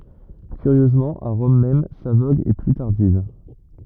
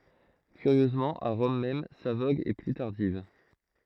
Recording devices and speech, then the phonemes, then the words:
rigid in-ear microphone, throat microphone, read sentence
kyʁjøzmɑ̃ a ʁɔm mɛm sa voɡ ɛ ply taʁdiv
Curieusement à Rome même, sa vogue est plus tardive.

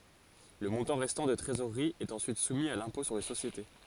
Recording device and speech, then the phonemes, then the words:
forehead accelerometer, read sentence
lə mɔ̃tɑ̃ ʁɛstɑ̃ də tʁezoʁʁi ɛt ɑ̃syit sumi a lɛ̃pɔ̃ syʁ le sosjete
Le montant restant de trésorerie est ensuite soumis à l'impôt sur les sociétés.

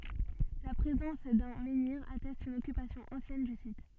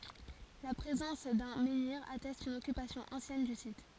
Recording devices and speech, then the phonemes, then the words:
soft in-ear microphone, forehead accelerometer, read sentence
la pʁezɑ̃s dœ̃ mɑ̃niʁ atɛst yn ɔkypasjɔ̃ ɑ̃sjɛn dy sit
La présence d'un menhir atteste une occupation ancienne du site.

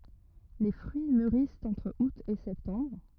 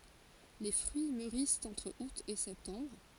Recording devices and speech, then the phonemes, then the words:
rigid in-ear microphone, forehead accelerometer, read sentence
le fʁyi myʁist ɑ̃tʁ ut e sɛptɑ̃bʁ
Les fruits mûrissent entre août et septembre.

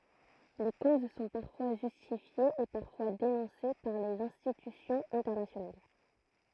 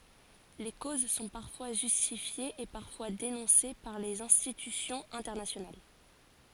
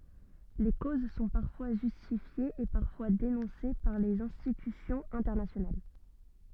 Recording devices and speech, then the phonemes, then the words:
throat microphone, forehead accelerometer, soft in-ear microphone, read sentence
le koz sɔ̃ paʁfwa ʒystifjez e paʁfwa denɔ̃se paʁ lez ɛ̃stitysjɔ̃z ɛ̃tɛʁnasjonal
Les causes sont parfois justifiées et parfois dénoncées par les institutions internationales.

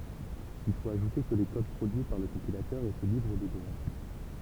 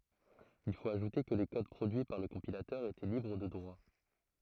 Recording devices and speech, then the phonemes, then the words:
temple vibration pickup, throat microphone, read sentence
il fot aʒute kə le kod pʁodyi paʁ lə kɔ̃pilatœʁ etɛ libʁ də dʁwa
Il faut ajouter que les codes produits par le compilateur étaient libres de droits.

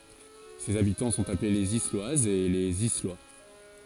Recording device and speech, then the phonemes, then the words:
forehead accelerometer, read sentence
sez abitɑ̃ sɔ̃t aple lez islwazz e lez islwa
Ses habitants sont appelés les Isloises et les Islois.

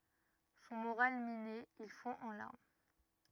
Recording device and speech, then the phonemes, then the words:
rigid in-ear microphone, read sentence
sɔ̃ moʁal mine il fɔ̃ ɑ̃ laʁm
Son moral miné, il fond en larmes.

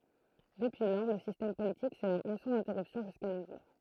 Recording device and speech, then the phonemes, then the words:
throat microphone, read sentence
dəpyi lɔʁ lə sistɛm politik sɛ mɛ̃tny sɑ̃z ɛ̃tɛʁypsjɔ̃ ʒyska no ʒuʁ
Depuis lors, le système politique s'est maintenu sans interruption jusqu'à nos jours.

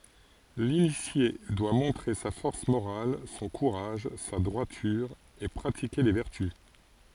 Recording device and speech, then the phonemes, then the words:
forehead accelerometer, read sentence
linisje dwa mɔ̃tʁe sa fɔʁs moʁal sɔ̃ kuʁaʒ sa dʁwatyʁ e pʁatike le vɛʁty
L'initié doit montrer sa force morale, son courage, sa droiture et pratiquer les vertus.

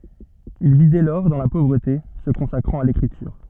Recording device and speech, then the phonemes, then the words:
soft in-ear microphone, read sentence
il vi dɛ lɔʁ dɑ̃ la povʁəte sə kɔ̃sakʁɑ̃t a lekʁityʁ
Il vit dès lors dans la pauvreté, se consacrant à l'écriture.

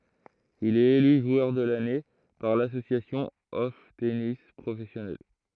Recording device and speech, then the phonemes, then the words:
throat microphone, read sentence
il ɛt ely ʒwœʁ də lane paʁ lasosjasjɔ̃ ɔf tenis pʁofɛsjonals
Il est élu joueur de l'année par l'Association of Tennis Professionals.

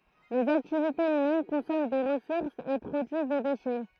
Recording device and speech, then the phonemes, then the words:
throat microphone, read sentence
lez aktivitez ymɛn kɔ̃sɔmɑ̃ de ʁəsuʁsz e pʁodyiz de deʃɛ
Les activités humaines consomment des ressources et produisent des déchets.

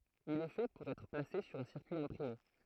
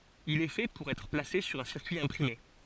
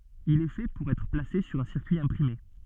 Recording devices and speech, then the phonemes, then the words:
throat microphone, forehead accelerometer, soft in-ear microphone, read sentence
il ɛ fɛ puʁ ɛtʁ plase syʁ œ̃ siʁkyi ɛ̃pʁime
Il est fait pour être placé sur un circuit imprimé.

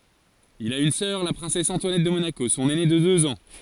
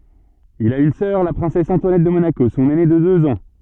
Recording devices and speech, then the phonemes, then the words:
forehead accelerometer, soft in-ear microphone, read sentence
il a yn sœʁ la pʁɛ̃sɛs ɑ̃twanɛt də monako sɔ̃n ɛne də døz ɑ̃
Il a une sœur, la princesse Antoinette de Monaco, son aînée de deux ans.

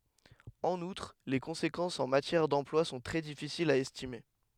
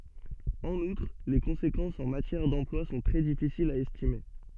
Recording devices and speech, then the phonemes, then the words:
headset microphone, soft in-ear microphone, read sentence
ɑ̃n utʁ le kɔ̃sekɑ̃sz ɑ̃ matjɛʁ dɑ̃plwa sɔ̃ tʁɛ difisilz a ɛstime
En outre, les conséquences en matière d'emploi sont très difficiles à estimer.

